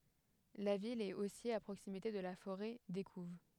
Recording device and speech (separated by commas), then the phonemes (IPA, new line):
headset microphone, read sentence
la vil ɛt osi a pʁoksimite də la foʁɛ dekuv